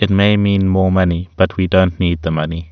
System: none